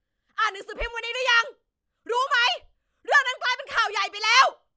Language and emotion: Thai, angry